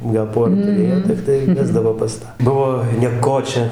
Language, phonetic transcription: Lithuanian, gal ˈpora tuˈrėjo tikˈtai ˈvesdavo pas ˈtą ˈbuvo nieˈkočia

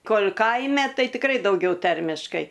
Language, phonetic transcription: Lithuanian, ˈkol' ˈkaime ˈtai tikˈrai dauˈgiauˈtarmiškai

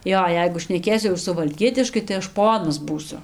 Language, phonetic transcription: Lithuanian, ˈjo ˈjeigu šneˈkėsiu jau suvalˈkietiškai tai ˈaš ˈponas ˈbūsiu

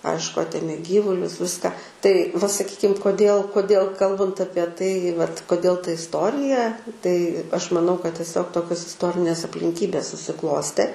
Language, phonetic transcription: Lithuanian, ˈaišku ˈatėmė ˈgyvulius ˈviską tai va saˈkykim koˈdėl koˈdėl ˈkalbant ˈapie tai vat koˈdėl ta isˈtorija tai aš maˈnau kad tieˈsiog ˈtokios isˈtorinės aplinˈkybės susiˈklostė

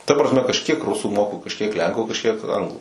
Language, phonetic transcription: Lithuanian, ta prasˈme kažˈkiek ˈrusų moku kažˈkiek ˈlenku kažˈkiek ˈanglu

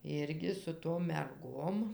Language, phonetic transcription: Lithuanian, ˈirgi su tom merˈgom

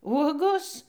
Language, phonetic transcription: Lithuanian, ˈuogos

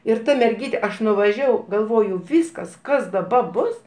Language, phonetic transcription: Lithuanian, ir ˈta merˈgyte ˈaš nuvaˈžiavau galˈvoju ˈvyskas ˈkas daˈba ˈbus

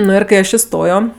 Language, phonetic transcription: Lithuanian, ˈnu ir kai ˈaš iˈstojo

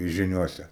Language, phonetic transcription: Lithuanian, žiˈniose

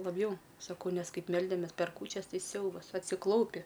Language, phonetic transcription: Lithuanian, labˈjau saˈkau ˈnes ˈkaip ˈmeldemes per ˈkūčias ˈsiaubas atsiˈklaupi

